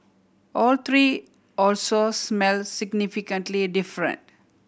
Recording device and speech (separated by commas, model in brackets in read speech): boundary microphone (BM630), read sentence